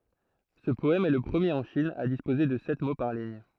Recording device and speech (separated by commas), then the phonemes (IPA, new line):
throat microphone, read sentence
sə pɔɛm ɛ lə pʁəmjeʁ ɑ̃ ʃin a dispoze də sɛt mo paʁ liɲ